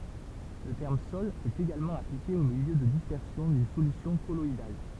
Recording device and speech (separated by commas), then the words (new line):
temple vibration pickup, read sentence
Le terme sol est également appliqué au milieu de dispersion d'une solution colloïdale.